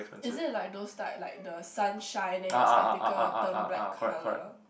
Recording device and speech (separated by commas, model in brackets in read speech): boundary microphone, conversation in the same room